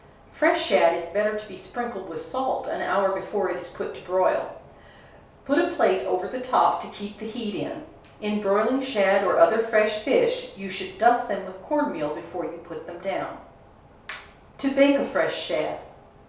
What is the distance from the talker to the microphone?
3.0 m.